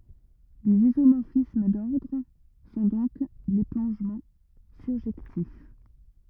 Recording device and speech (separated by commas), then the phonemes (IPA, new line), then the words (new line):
rigid in-ear microphone, read sentence
lez izomɔʁfism dɔʁdʁ sɔ̃ dɔ̃k le plɔ̃ʒmɑ̃ syʁʒɛktif
Les isomorphismes d'ordres sont donc les plongements surjectifs.